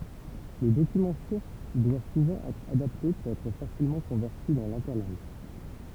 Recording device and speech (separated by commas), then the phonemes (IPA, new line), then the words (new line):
temple vibration pickup, read sentence
lə dokymɑ̃ suʁs dwa suvɑ̃ ɛtʁ adapte puʁ ɛtʁ fasilmɑ̃ kɔ̃vɛʁti dɑ̃ lɛ̃tɛʁlɑ̃ɡ
Le document source doit souvent être adapté pour être facilement converti dans l'interlangue.